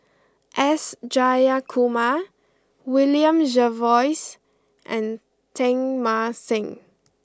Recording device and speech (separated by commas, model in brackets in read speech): close-talking microphone (WH20), read sentence